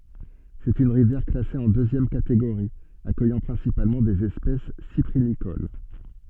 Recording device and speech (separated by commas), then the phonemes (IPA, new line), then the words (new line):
soft in-ear microphone, read sentence
sɛt yn ʁivjɛʁ klase ɑ̃ døzjɛm kateɡoʁi akœjɑ̃ pʁɛ̃sipalmɑ̃ dez ɛspɛs sipʁinikol
C'est une rivière classée en deuxième catégorie, accueillant principalement des espèces cyprinicoles.